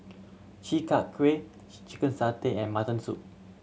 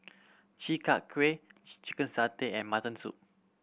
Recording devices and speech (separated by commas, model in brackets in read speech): mobile phone (Samsung C7100), boundary microphone (BM630), read sentence